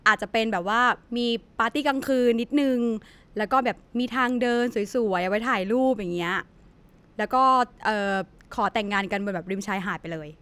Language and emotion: Thai, neutral